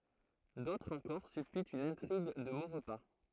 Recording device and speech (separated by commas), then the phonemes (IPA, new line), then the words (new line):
throat microphone, read sentence
dotʁz ɑ̃kɔʁ sypytt yn ɛ̃tʁiɡ də moʁpa
D’autres encore supputent une intrigue de Maurepas.